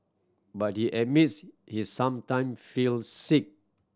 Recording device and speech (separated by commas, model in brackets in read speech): standing microphone (AKG C214), read sentence